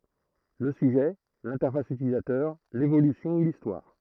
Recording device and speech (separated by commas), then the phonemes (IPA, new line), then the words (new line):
throat microphone, read sentence
lə syʒɛ lɛ̃tɛʁfas ytilizatœʁ levolysjɔ̃ u listwaʁ
Le sujet, l'interface utilisateur, l'évolution ou l'histoire.